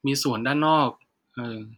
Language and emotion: Thai, neutral